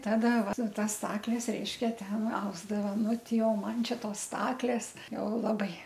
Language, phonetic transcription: Lithuanian, ˈtada ˈva ˈtas ˈstakles ˈreiškia ˈten ˈausdava ˈnuˈti o ˈman ˈčia ˈtos ˈstaklės ˈjau ˈlabai

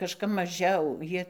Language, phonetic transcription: Lithuanian, kažˈkap maˈžiau ˈjie

